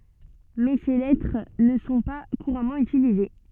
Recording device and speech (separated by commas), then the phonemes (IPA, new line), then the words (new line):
soft in-ear microphone, read sentence
mɛ se lɛtʁ nə sɔ̃ pa kuʁamɑ̃ ytilize
Mais ces lettres ne sont pas couramment utilisés.